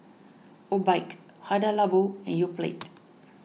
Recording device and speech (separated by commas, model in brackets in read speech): mobile phone (iPhone 6), read sentence